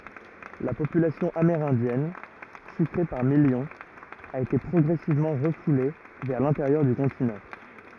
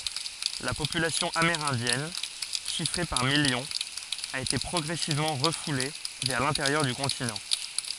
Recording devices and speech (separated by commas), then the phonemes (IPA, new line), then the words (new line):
rigid in-ear microphone, forehead accelerometer, read sentence
la popylasjɔ̃ ameʁɛ̃djɛn ʃifʁe paʁ miljɔ̃z a ete pʁɔɡʁɛsivmɑ̃ ʁəfule vɛʁ lɛ̃teʁjœʁ dy kɔ̃tinɑ̃
La population amérindienne, chiffrée par millions, a été progressivement refoulée vers l'intérieur du continent.